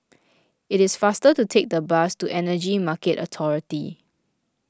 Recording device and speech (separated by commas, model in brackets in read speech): close-talking microphone (WH20), read sentence